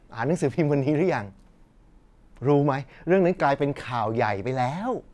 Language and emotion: Thai, happy